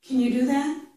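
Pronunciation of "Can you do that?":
In 'Can you do that?', 'can' is said with the reduced vowel sound, not the full a sound.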